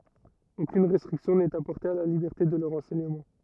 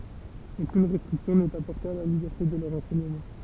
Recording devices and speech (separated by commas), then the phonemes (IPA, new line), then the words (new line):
rigid in-ear microphone, temple vibration pickup, read sentence
okyn ʁɛstʁiksjɔ̃ nɛt apɔʁte a la libɛʁte də lœʁ ɑ̃sɛɲəmɑ̃
Aucune restriction n’est apportée à la liberté de leur enseignement.